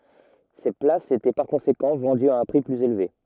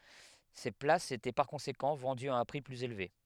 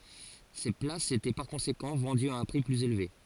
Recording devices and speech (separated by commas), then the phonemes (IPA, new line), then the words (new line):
rigid in-ear microphone, headset microphone, forehead accelerometer, read sentence
se plasz etɛ paʁ kɔ̃sekɑ̃ vɑ̃dyz a œ̃ pʁi plyz elve
Ces places étaient par conséquent vendues à un prix plus élevé.